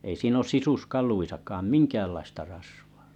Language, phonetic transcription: Finnish, ei 'siin ‿oo 'sisuskal̆luisakaam "miŋkäällaista rasvᴀᴀ .
- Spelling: ei siinä ole sisuskaluissakaan minkäänlaista rasvaa

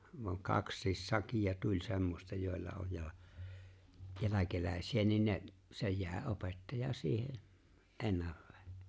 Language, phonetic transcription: Finnish, vaŋ "kakssiis "sakija tuĺ 'semmosta jòella 'oj ja , 'jäläkelä̀esi₍ä niin ne , se 'jàe '’opettaja 'siihe , "’ennallee .
- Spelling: vaan kaksikin sakkia tuli semmoista joilla oli ja jälkeläisiä niin ne se jäi opettaja siihen ennalleen

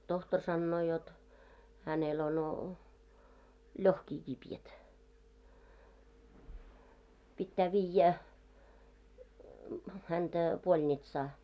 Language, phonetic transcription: Finnish, 'tohtor sannoo jot , » hänel ono , "ĺohkii 'kipjät , pittää 'viijjä , häntä , 'ʙoĺnitsaa « .
- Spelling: tohtori sanoo jotta hänellä on lohkii kipeät pitää viedä häntä polnitsaan

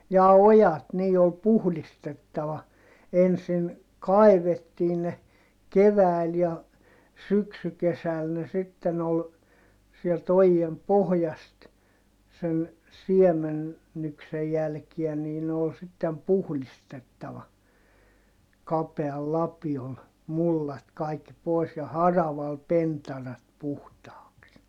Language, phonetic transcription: Finnish, jaa ojat nii ol puhlistettava , ensin , kai̮vettii ne , kevä̀i̮l ja , syksykesäl ne sitten ‿ol , sielt ‿ojiem pohjast , sen , siemennyksej jälkiä nii ne ‿ol sittem puhlistettava , kapeal lapiol , mullat kaikki pòi̮s ja haraval pentarat puhtaaks .
- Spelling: jaa ojat niin oli puhdistettava ensin kaivettiin ne keväällä ja syksykesällä ne sitten oli sieltä ojien pohjasta sen siemennyksen jälkiä niin ne oli sitten puhdistettava kapealla lapiolla mullat kaikki pois ja haravalla pentarat puhtaaksi

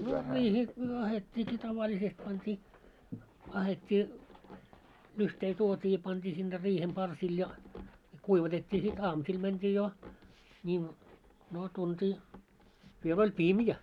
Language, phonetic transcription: Finnish, no 'riihee , 'ahet́t́iiki 'tavaĺisest pant́ii , ahet́t́ii , 'lyhtei 'tuot́ii ja pant́ii sinne 'riihem 'parsil ja , 'kuivatet́t́ii sit "aamusil mänt́ii jo , ńiiv- , noo 'tuntii , viel oĺ "pimjä .
- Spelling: no riiheen ahdettiinkin tavallisesti pantiin ahdettiin lyhteitä tuotiin ja pantiin sinne riihen parsille ja kuivatettiin sitten aamusilla mentiin jo - no tuntia vielä oli pimeä

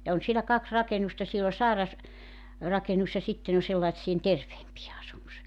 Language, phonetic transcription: Finnish, ja 'on sielä 'kaks 'rakenusta 'siel ‿o 'sàeras- , -'rakenus ja 'sitten ‿o sellaⁱtsi₍en 'terveempije asumus .
- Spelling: ja on siellä kaksi rakennusta siellä on - sairasrakennus ja sitten on sellaisten terveempien asumus

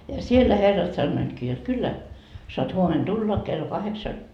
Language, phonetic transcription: Finnish, ja 'siellä 'herrat sannoitkii jot 'kyllä , soat 'huomen "tulla , kello 'kaheksa .
- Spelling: ja siellä herrat sanoivatkin jotta kyllä saat huomenna tulla kello kahdeksan

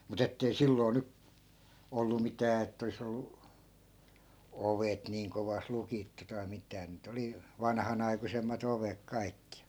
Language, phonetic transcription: Finnish, mu't ‿ettei 'silloi̮ 'ny- , 'ollu mitää et't ‿olis ‿ollu , "ovet 'niiŋ kovas 'lukittu tai mit̀ää nii't ‿oli , 'vanᵃhanaikusemma't ‿ovek 'kaikki .
- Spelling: mutta että ei silloin - ollut mitään että olisi ollut ovet niin kovasti lukittu tai mitään niitä oli vanhanaikuisemmat ovet kaikki

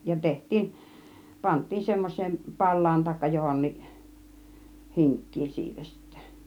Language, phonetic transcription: Finnish, ja 'teht̆tiin , 'pant̆tiin 'semmoś̆seen , "pal̆laan taikka 'jo-honniˀ , "hiŋk̀kiin siitä sittÄ .
- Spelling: ja tehtiin pantiin semmoiseen palaan tai johonkin hinkkiin siitä sitten

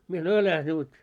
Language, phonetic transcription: Finnish, mie sanoi » "äläh nut « .
- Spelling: minä sanoin äläs nyt

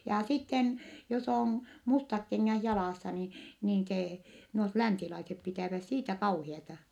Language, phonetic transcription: Finnish, ja sitten , jos ‿òn , mustak keŋŋäh jalàssa ni , niin see , nuot länsilaisep pitä̀väs siitä kauhiata .
- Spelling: ja sitten jos on mustat kengät jalassa niin niin se nuo länsilaiset pitävät siitä kauheaa

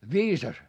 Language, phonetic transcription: Finnish, viisas ?
- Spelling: viisas

